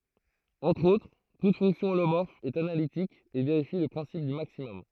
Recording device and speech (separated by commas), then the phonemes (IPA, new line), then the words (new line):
throat microphone, read sentence
ɑ̃tʁ otʁ tut fɔ̃ksjɔ̃ olomɔʁf ɛt analitik e veʁifi lə pʁɛ̃sip dy maksimɔm
Entre autres, toute fonction holomorphe est analytique et vérifie le principe du maximum.